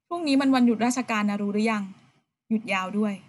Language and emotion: Thai, neutral